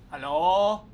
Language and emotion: Thai, neutral